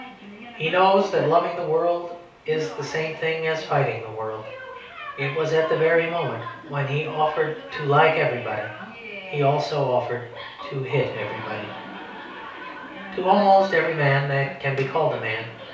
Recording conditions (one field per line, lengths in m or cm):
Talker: one person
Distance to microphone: 3.0 m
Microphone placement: far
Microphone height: 1.8 m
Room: small (3.7 m by 2.7 m)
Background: television